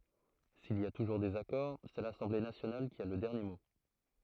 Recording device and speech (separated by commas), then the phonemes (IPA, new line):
throat microphone, read sentence
sil i a tuʒuʁ dezakɔʁ sɛ lasɑ̃ble nasjonal ki a lə dɛʁnje mo